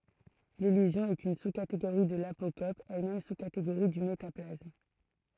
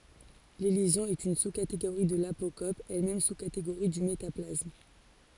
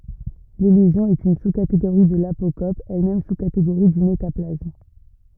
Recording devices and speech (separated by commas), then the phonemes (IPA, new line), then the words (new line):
throat microphone, forehead accelerometer, rigid in-ear microphone, read sentence
lelizjɔ̃ ɛt yn suskateɡoʁi də lapokɔp ɛlmɛm suskateɡoʁi dy metaplasm
L'élision est une sous-catégorie de l'apocope, elle-même sous-catégorie du métaplasme.